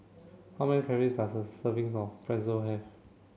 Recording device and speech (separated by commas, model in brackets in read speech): mobile phone (Samsung C7), read sentence